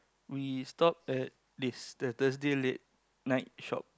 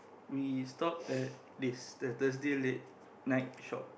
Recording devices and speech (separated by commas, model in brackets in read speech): close-talking microphone, boundary microphone, conversation in the same room